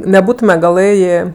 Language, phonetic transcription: Lithuanian, neˈbūtume gaˈlɘjė

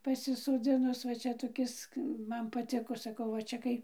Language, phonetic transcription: Lithuanian, pasisoˈdzinus va ˈčia toˈkis ˈman paˈtiko saˈkau va ˈčia kai

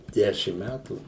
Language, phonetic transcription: Lithuanian, ˈdešim ˈmætų

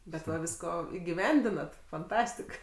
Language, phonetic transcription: Lithuanian, bet ˈva ˈvisko igiˈvendinat fanˈtastik

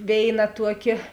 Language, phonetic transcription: Lithuanian, ˈvėiˌna ˈtuoˌkė

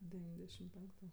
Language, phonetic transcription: Lithuanian, deˈvyndešim ˈpenktu

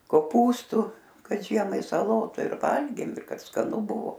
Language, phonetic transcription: Lithuanian, koˈpūstu kad ˈžiemai saˈlotu ir ˈvalgėm ir kad skaˈnu ˈbuvo

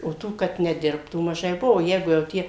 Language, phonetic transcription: Lithuanian, o ˈtų kad neˈdirbtų maˈžai ˈbuvo ˈjeigu jau ˈtie

